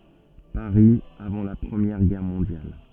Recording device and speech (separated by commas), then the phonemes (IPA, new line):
soft in-ear microphone, read sentence
paʁi avɑ̃ la pʁəmjɛʁ ɡɛʁ mɔ̃djal